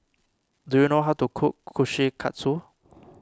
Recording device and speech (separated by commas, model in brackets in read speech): standing microphone (AKG C214), read sentence